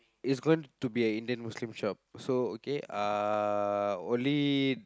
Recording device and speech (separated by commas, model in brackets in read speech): close-talking microphone, conversation in the same room